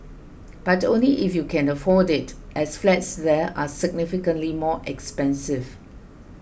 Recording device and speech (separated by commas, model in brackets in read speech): boundary microphone (BM630), read sentence